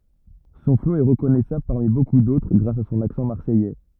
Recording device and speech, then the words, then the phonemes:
rigid in-ear microphone, read sentence
Son flow est reconnaissable parmi beaucoup d'autres grâce à son accent marseillais.
sɔ̃ flo ɛ ʁəkɔnɛsabl paʁmi boku dotʁ ɡʁas a sɔ̃n aksɑ̃ maʁsɛjɛ

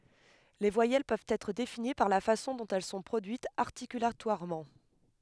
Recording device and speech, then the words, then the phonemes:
headset microphone, read sentence
Les voyelles peuvent être définies par la façon dont elles sont produites articulatoirement.
le vwajɛl pøvt ɛtʁ defini paʁ la fasɔ̃ dɔ̃t ɛl sɔ̃ pʁodyitz aʁtikylatwaʁmɑ̃

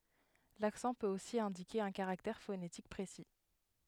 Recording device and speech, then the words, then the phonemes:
headset microphone, read sentence
L'accent peut aussi indiquer un caractère phonétique précis.
laksɑ̃ pøt osi ɛ̃dike œ̃ kaʁaktɛʁ fonetik pʁesi

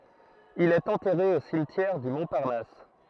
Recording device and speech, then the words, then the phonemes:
throat microphone, read sentence
Il est enterré au cimetière du Montparnasse.
il ɛt ɑ̃tɛʁe o simtjɛʁ dy mɔ̃paʁnas

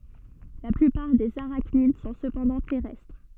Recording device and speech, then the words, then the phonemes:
soft in-ear microphone, read sentence
La plupart des arachnides sont cependant terrestres.
la plypaʁ dez aʁaknid sɔ̃ səpɑ̃dɑ̃ tɛʁɛstʁ

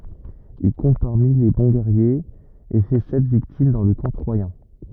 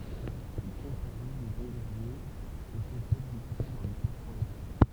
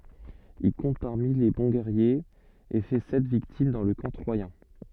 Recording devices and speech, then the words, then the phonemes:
rigid in-ear microphone, temple vibration pickup, soft in-ear microphone, read sentence
Il compte parmi les bons guerriers, et fait sept victimes dans le camp troyen.
il kɔ̃t paʁmi le bɔ̃ ɡɛʁjez e fɛ sɛt viktim dɑ̃ lə kɑ̃ tʁwajɛ̃

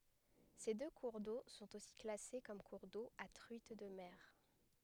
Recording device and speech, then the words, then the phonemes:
headset microphone, read sentence
Ces deux cours d'eau sont aussi classés comme cours d'eau à truite de mer.
se dø kuʁ do sɔ̃t osi klase kɔm kuʁ do a tʁyit də mɛʁ

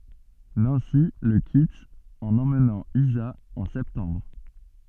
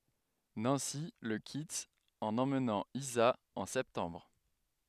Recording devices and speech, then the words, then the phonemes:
soft in-ear microphone, headset microphone, read sentence
Nancy le quitte en emmenant Isa en septembre.
nɑ̃si lə kit ɑ̃n ɑ̃mnɑ̃ iza ɑ̃ sɛptɑ̃bʁ

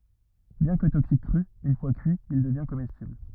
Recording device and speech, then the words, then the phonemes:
rigid in-ear microphone, read sentence
Bien que toxique cru, une fois cuit, il devient comestible.
bjɛ̃ kə toksik kʁy yn fwa kyi il dəvjɛ̃ komɛstibl

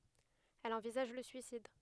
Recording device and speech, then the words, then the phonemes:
headset microphone, read sentence
Elle envisage le suicide.
ɛl ɑ̃vizaʒ lə syisid

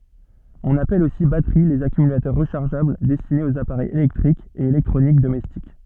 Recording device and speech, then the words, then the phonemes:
soft in-ear microphone, read sentence
On appelle aussi batteries les accumulateurs rechargeables destinés aux appareils électriques et électroniques domestiques.
ɔ̃n apɛl osi batəʁi lez akymylatœʁ ʁəʃaʁʒabl dɛstinez oz apaʁɛjz elɛktʁikz e elɛktʁonik domɛstik

